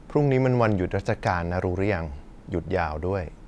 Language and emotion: Thai, neutral